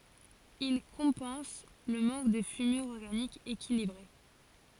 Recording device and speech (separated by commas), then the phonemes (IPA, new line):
forehead accelerometer, read sentence
il kɔ̃pɑ̃s lə mɑ̃k də fymyʁ ɔʁɡanik ekilibʁe